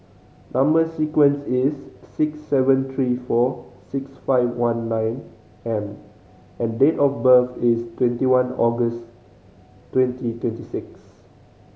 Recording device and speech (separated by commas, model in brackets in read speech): mobile phone (Samsung C5010), read sentence